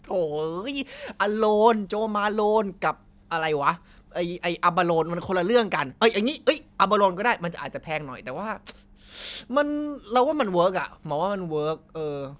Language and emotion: Thai, happy